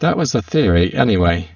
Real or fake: fake